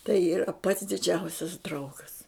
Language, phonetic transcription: Lithuanian, tai yˈra pats diˈdžiausias ˈdraugas

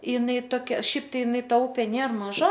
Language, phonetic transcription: Lithuanian, iˈnai toˈkia ˈšiaip ˈtai iˈnai ˈta ˈupė ˈnėr maˈža

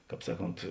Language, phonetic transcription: Lithuanian, ˈkāp ˈsaˌkont

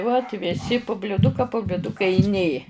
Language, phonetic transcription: Lithuanian, vat viˈsi pu bliuˈduka po bliuˈduka i ˈnė

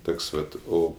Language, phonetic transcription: Lithuanian, ˈtoks ˈvat ˈo

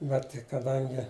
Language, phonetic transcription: Lithuanian, ˈbet kaˈdangi

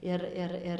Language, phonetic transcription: Lithuanian, ˈir ˈir ˈir

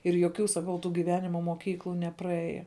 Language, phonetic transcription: Lithuanian, ir joˈkių saˈkau tų giˈvenima moˈkyklu nepraˈėje

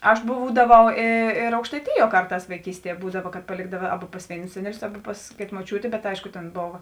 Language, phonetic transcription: Lithuanian, aš ˈbūdavau ė ėr aukštaiˈtijuo ˈkarˌtās vaiˈkystie ˈbūdava kad paˈlėkdava ˈaba pas ˈvėinus ˈseneˌlius ˈaba pas ˈkėta moˈčiūtė bet ˈaišku tėn ˈbova

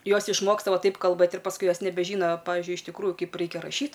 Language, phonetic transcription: Lithuanian, ˈjos išˈmoksta ˈva ˈtaip kalˈbɘt ir pasˈkui ˈjos nebeˈžyno ˈpavižiui iš tikˈrųjų ˈkaip ˈraikia raˈšyt

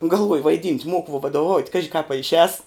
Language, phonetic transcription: Lithuanian, galˈvoju vaiˈdynt' ˈmoku vuo vadoˈvaut' ˈkaži kāp a išˈēs

